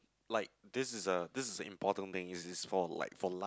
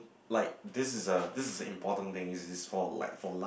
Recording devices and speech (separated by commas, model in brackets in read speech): close-talking microphone, boundary microphone, conversation in the same room